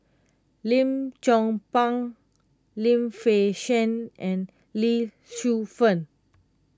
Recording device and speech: close-talking microphone (WH20), read sentence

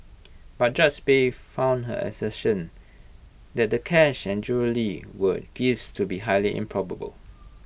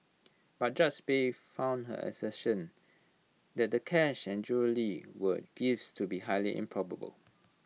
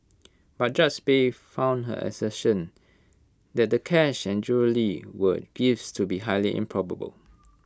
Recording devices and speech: boundary microphone (BM630), mobile phone (iPhone 6), close-talking microphone (WH20), read sentence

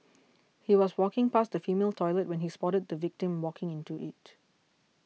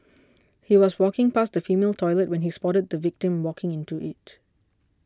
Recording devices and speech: mobile phone (iPhone 6), standing microphone (AKG C214), read sentence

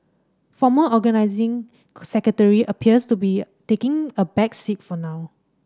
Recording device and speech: standing microphone (AKG C214), read sentence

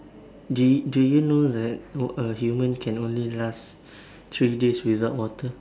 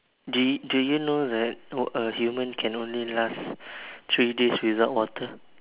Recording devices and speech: standing microphone, telephone, conversation in separate rooms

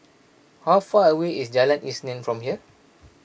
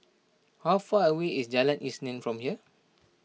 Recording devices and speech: boundary microphone (BM630), mobile phone (iPhone 6), read sentence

